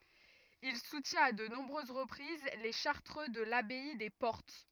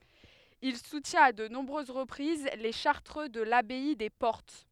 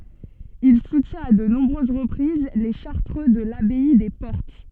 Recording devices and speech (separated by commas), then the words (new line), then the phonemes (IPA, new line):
rigid in-ear microphone, headset microphone, soft in-ear microphone, read sentence
Il soutient à de nombreuses reprises les Chartreux de l'abbaye des Portes.
il sutjɛ̃t a də nɔ̃bʁøz ʁəpʁiz le ʃaʁtʁø də labɛi de pɔʁt